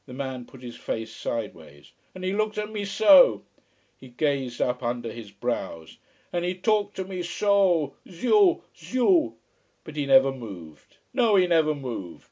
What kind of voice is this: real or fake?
real